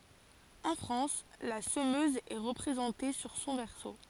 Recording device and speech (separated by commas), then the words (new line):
forehead accelerometer, read sentence
En France, la semeuse est représentée sur son verso.